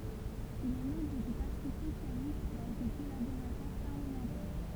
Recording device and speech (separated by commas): temple vibration pickup, read sentence